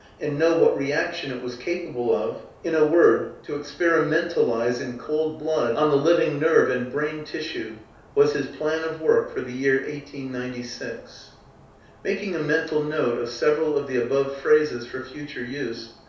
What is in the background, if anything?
Nothing.